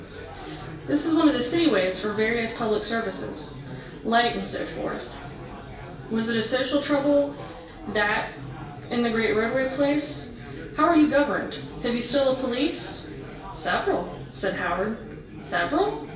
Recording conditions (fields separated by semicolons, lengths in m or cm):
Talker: one person; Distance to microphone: 1.8 m; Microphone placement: close; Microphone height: 1.0 m; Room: large; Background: babble